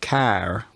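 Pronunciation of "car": In 'car', the vowel is long, and it is a slightly raised front vowel.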